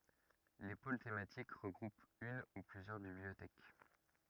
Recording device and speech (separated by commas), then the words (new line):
rigid in-ear microphone, read sentence
Les pôles thématiques regroupent une ou plusieurs bibliothèques.